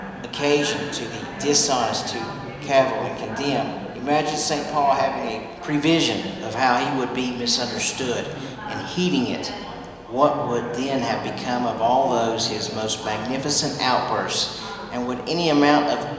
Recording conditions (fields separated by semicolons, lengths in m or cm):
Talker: one person; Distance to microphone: 1.7 m; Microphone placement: close; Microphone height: 1.0 m; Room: very reverberant, large; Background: babble